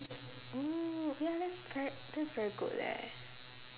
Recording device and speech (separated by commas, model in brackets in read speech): telephone, conversation in separate rooms